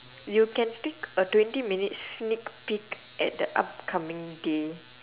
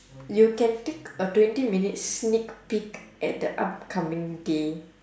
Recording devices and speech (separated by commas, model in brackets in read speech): telephone, standing microphone, conversation in separate rooms